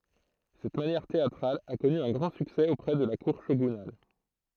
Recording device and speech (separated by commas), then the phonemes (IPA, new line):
throat microphone, read sentence
sɛt manjɛʁ teatʁal a kɔny œ̃ ɡʁɑ̃ syksɛ opʁɛ də la kuʁ ʃoɡynal